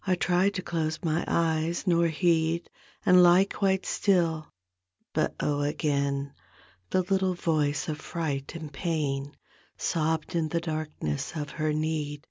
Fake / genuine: genuine